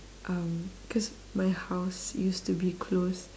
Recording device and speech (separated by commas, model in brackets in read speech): standing microphone, conversation in separate rooms